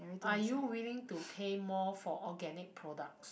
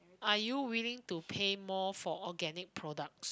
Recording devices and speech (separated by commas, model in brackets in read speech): boundary microphone, close-talking microphone, conversation in the same room